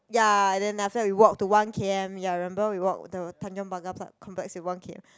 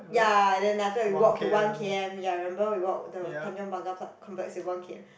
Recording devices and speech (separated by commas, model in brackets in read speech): close-talking microphone, boundary microphone, conversation in the same room